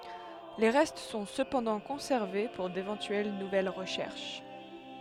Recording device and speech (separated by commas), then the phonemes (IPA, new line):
headset microphone, read sentence
le ʁɛst sɔ̃ səpɑ̃dɑ̃ kɔ̃sɛʁve puʁ devɑ̃tyɛl nuvɛl ʁəʃɛʁʃ